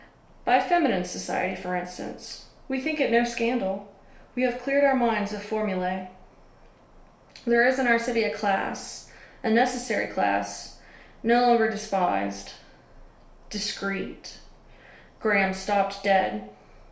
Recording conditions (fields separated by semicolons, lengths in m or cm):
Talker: one person; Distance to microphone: 1.0 m; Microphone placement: close; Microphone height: 1.1 m; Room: small (3.7 m by 2.7 m); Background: none